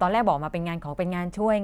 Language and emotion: Thai, frustrated